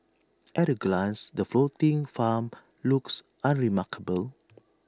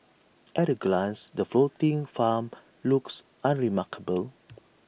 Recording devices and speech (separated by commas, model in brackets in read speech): standing microphone (AKG C214), boundary microphone (BM630), read sentence